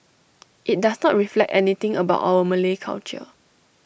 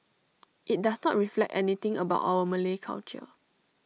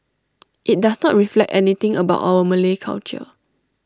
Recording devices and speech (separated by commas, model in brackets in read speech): boundary microphone (BM630), mobile phone (iPhone 6), standing microphone (AKG C214), read sentence